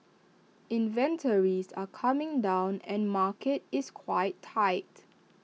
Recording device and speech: mobile phone (iPhone 6), read sentence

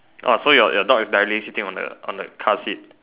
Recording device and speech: telephone, conversation in separate rooms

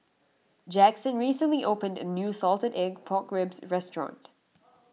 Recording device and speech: mobile phone (iPhone 6), read sentence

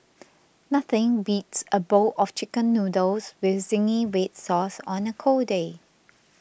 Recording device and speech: boundary microphone (BM630), read sentence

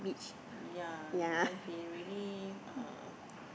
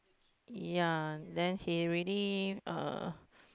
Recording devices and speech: boundary microphone, close-talking microphone, conversation in the same room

